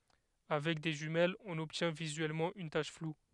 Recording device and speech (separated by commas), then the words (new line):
headset microphone, read sentence
Avec des jumelles, on obtient visuellement une tache floue.